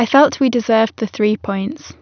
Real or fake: real